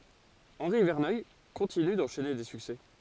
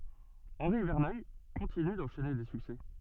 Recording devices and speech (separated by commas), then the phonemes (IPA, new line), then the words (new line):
forehead accelerometer, soft in-ear microphone, read sentence
ɑ̃ʁi vɛʁnœj kɔ̃tiny dɑ̃ʃɛne de syksɛ
Henri Verneuil continue d'enchaîner des succès.